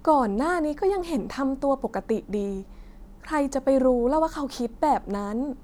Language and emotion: Thai, frustrated